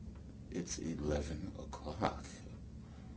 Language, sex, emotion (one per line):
English
male
neutral